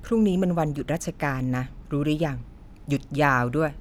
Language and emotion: Thai, frustrated